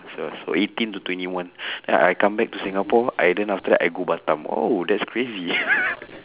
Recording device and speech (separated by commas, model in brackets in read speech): telephone, conversation in separate rooms